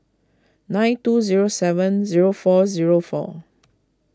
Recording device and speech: close-talking microphone (WH20), read sentence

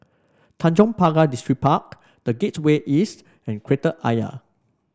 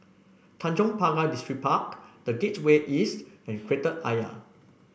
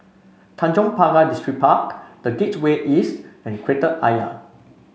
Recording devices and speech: standing microphone (AKG C214), boundary microphone (BM630), mobile phone (Samsung C5), read sentence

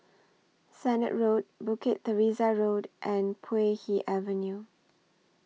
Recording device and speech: mobile phone (iPhone 6), read sentence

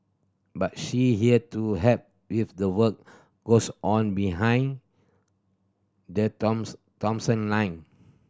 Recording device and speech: standing microphone (AKG C214), read sentence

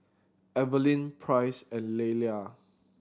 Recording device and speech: standing microphone (AKG C214), read sentence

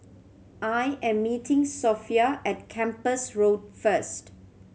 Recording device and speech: mobile phone (Samsung C7100), read sentence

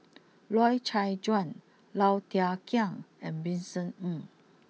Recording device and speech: mobile phone (iPhone 6), read sentence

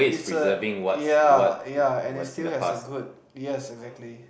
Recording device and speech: boundary microphone, conversation in the same room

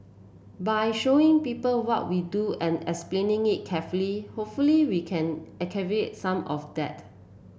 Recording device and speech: boundary microphone (BM630), read sentence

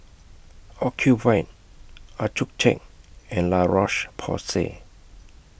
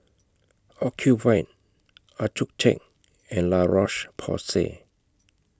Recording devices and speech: boundary microphone (BM630), close-talking microphone (WH20), read sentence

